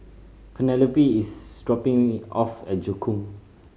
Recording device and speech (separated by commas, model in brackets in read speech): mobile phone (Samsung C5010), read sentence